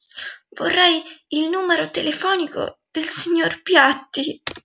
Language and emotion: Italian, fearful